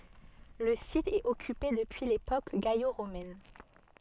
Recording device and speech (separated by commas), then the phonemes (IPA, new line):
soft in-ear microphone, read sentence
lə sit ɛt ɔkype dəpyi lepok ɡalo ʁomɛn